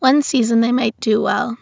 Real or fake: real